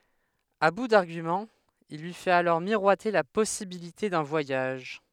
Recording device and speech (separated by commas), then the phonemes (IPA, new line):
headset microphone, read sentence
a bu daʁɡymɑ̃z il lyi fɛt alɔʁ miʁwate la pɔsibilite dœ̃ vwajaʒ